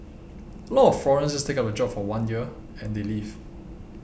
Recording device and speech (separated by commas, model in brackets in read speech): boundary microphone (BM630), read sentence